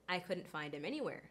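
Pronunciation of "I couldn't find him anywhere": In 'find him', 'him' is unstressed and its h sound is dropped.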